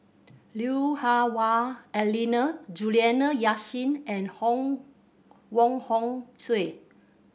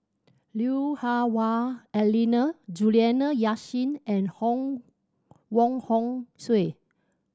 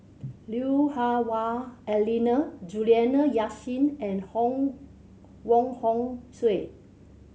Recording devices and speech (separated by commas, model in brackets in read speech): boundary microphone (BM630), standing microphone (AKG C214), mobile phone (Samsung C7100), read sentence